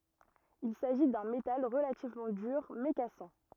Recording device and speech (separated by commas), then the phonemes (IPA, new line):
rigid in-ear microphone, read sentence
il saʒi dœ̃ metal ʁəlativmɑ̃ dyʁ mɛ kasɑ̃